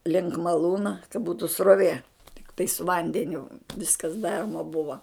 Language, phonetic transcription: Lithuanian, link maˈlūna ka ˈbūtu sroˈvė tikˈtai su ˈvandeniu ˈviskas ˈdaroma ˈbuva

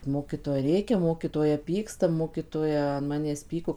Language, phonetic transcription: Lithuanian, ˈmokytoja ˈrėkia ˈmokytoja ˈpyksta ˈmokytoja an ˈmanęs ˈpyko

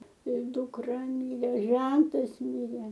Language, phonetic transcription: Lithuanian, ir dukˈra ˈmyrė ˈžentas ˈmirė

